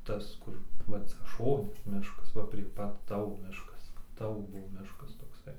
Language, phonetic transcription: Lithuanian, ˈtas ˈkur ˈva ˈcia ˈšoni ˈmiškas ˈva prie ˈpat ˈtavo ˈmiškas ˈtavo ˈbuvo ˈmiškas tokˈsai

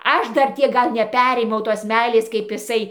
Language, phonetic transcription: Lithuanian, ˈaš ˈdar ˈtiek ˈgal neˈperėmiau tos ˈmeilės kaip iˈsai

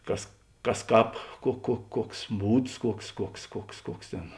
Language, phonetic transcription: Lithuanian, ˈkas ˈkas ˈkāp kuo kuo ˈkuoks ˈbūds ˈkuoks ˈkuoks ˈkuoks ˈkuoks ˈtėn

